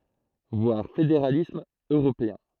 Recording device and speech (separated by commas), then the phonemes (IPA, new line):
throat microphone, read sentence
vwaʁ fedeʁalism øʁopeɛ̃